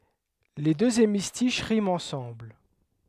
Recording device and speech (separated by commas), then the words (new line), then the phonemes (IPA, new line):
headset microphone, read sentence
Les deux hémistiches riment ensemble.
le døz emistiʃ ʁimt ɑ̃sɑ̃bl